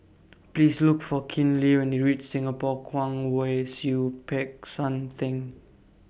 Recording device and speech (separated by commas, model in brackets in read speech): boundary microphone (BM630), read sentence